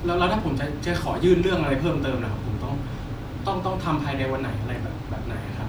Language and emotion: Thai, frustrated